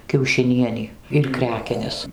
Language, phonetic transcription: Lithuanian, kiaušiˈnienį ir ˈkrekenes

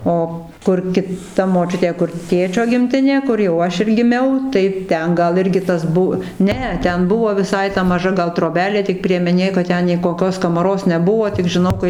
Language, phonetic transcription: Lithuanian, ˈo ˈkur kiˈta moˈčiutė kur ˈtėčio gimˈtinė ˈkur jau ˈaš ir giˈmiau tai ˈten ˈgal ˈirgi ˈtas ˈbu ˈne ˈten ˈbuvo viˈsai ta maˈža ˈgal troˈbelė tik priemeˈnė kad ˈten nei koˈkios kamaˈros neˈbuo tik žiˈnau kai

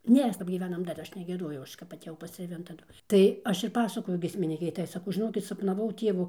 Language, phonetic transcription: Lithuanian, ˈnės kap gyˈvenam dar ˈaš negieˈdojau ˈaš kap atėˈjau pastrėˈvin taˈdu tai ˈaš ir ˈpasakoju giesmiˈnykei ˈtai saˈkau žiˈnokit sapnaˈvau ˈtievu

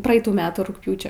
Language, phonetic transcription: Lithuanian, ˈpraeitų ˈmetų rugˈpjūčio

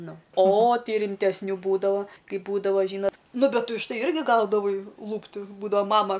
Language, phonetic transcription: Lithuanian, ˈnu o ˈtai rimtesˈnių ˈbūdavo ˈkaip ˈbūdava ˈžyna ˈnu ˈbet už ˈtai ˈirgi ˈgaudavai ˈlūpti ˈbūdava ˈmama

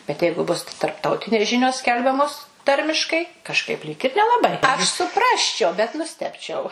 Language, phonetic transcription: Lithuanian, bet ˈjeigu ˈbus tarpˈtautinės ˈžinios ˈskelbiamos ˈtarmiškai kažˈkaip lyg ir nelaˈbai aš suˈprasčiau bet nuˈstebčiau

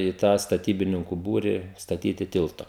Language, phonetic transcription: Lithuanian, į tą staˈtybininku ˈbūri staˈtyti ˈtilto

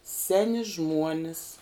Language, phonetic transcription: Lithuanian, ˈseni ˈžmuonis

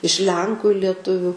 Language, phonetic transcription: Lithuanian, iš ˈlenku i lieˈtuviu

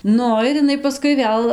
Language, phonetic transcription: Lithuanian, ˈnu ir iˈnai paˈskui ˈvėl

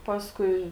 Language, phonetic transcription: Lithuanian, ˈpaskui

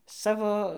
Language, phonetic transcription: Lithuanian, ˈsavo

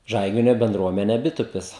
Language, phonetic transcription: Lithuanian, ˈžaiginio benˈdruomene ˈbitupis

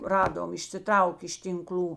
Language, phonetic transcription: Lithuanian, ˈradom išsiˈtraukė iš tinˈkl'ų

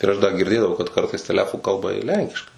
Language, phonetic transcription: Lithuanian, ir ˈaš ˈda girˈdėdavau kad ˈkartais teˈlefu ˈkalba ir ˈlenkiškai

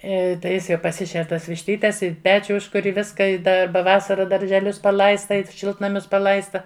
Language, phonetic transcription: Lithuanian, iˈ tai ˈjis jau paˈsišer ˈtuos višˈtytes i ˈpečiu ˈužkur' i ˈviska i ˈda ˈba ˈvasara daržeˈlius paˈlaista i ˈšiltnamius paˈlaista

